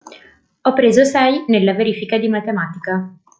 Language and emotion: Italian, neutral